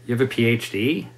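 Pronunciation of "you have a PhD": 'You have a PhD' is said as a question, and the tone sounds surprised or disbelieving.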